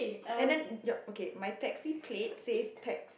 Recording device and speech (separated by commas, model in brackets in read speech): boundary microphone, conversation in the same room